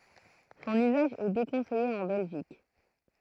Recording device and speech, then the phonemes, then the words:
throat microphone, read sentence
sɔ̃n yzaʒ ɛ dekɔ̃sɛje ɑ̃ bɛlʒik
Son usage est déconseillé en Belgique.

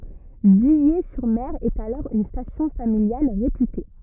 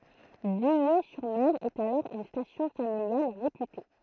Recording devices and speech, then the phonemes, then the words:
rigid in-ear microphone, throat microphone, read sentence
vile syʁ mɛʁ ɛt alɔʁ yn stasjɔ̃ familjal ʁepyte
Villers-sur-Mer est alors une station familiale réputée.

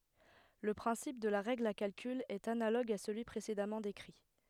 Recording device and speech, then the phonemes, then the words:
headset microphone, read sentence
lə pʁɛ̃sip də la ʁɛɡl a kalkyl ɛt analoɡ a səlyi pʁesedamɑ̃ dekʁi
Le principe de la règle à calcul est analogue à celui précédemment décrit.

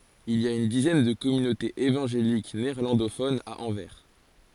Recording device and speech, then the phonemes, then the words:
forehead accelerometer, read sentence
il i a yn dizɛn də kɔmynotez evɑ̃ʒelik neɛʁlɑ̃dofonz a ɑ̃vɛʁ
Il y a une dizaine de communautés évangéliques néerlandophones à Anvers.

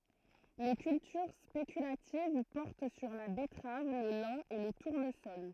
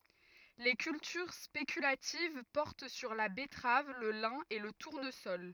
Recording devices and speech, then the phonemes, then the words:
throat microphone, rigid in-ear microphone, read sentence
le kyltyʁ spekylativ pɔʁt syʁ la bɛtʁav lə lɛ̃ e lə tuʁnəsɔl
Les cultures spéculatives portent sur la betterave, le lin et le tournesol.

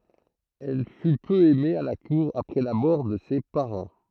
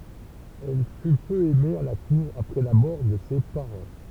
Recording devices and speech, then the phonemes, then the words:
throat microphone, temple vibration pickup, read sentence
ɛl fy pø ɛme a la kuʁ apʁɛ la mɔʁ də se paʁɑ̃
Elle fut peu aimée à la cour après la mort de ses parents.

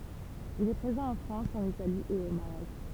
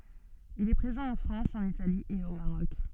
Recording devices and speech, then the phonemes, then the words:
temple vibration pickup, soft in-ear microphone, read sentence
il ɛ pʁezɑ̃ ɑ̃ fʁɑ̃s ɑ̃n itali e o maʁɔk
Il est présent en France, en Italie et au Maroc.

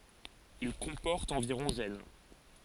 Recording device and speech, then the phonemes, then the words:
forehead accelerometer, read sentence
il kɔ̃pɔʁt ɑ̃viʁɔ̃ ʒɛn
Il comporte environ gènes.

